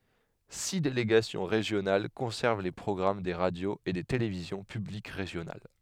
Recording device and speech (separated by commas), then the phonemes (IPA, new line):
headset microphone, read sentence
si deleɡasjɔ̃ ʁeʒjonal kɔ̃sɛʁv le pʁɔɡʁam de ʁadjoz e de televizjɔ̃ pyblik ʁeʒjonal